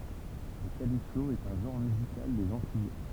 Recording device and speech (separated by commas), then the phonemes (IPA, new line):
temple vibration pickup, read sentence
lə kalipso ɛt œ̃ ʒɑ̃ʁ myzikal dez ɑ̃tij